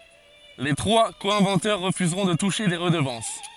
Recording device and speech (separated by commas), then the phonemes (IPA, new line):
forehead accelerometer, read sentence
le tʁwa ko ɛ̃vɑ̃tœʁ ʁəfyzʁɔ̃ də tuʃe de ʁədəvɑ̃s